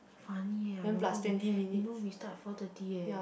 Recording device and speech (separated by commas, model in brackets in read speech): boundary microphone, conversation in the same room